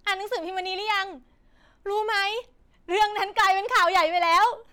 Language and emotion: Thai, happy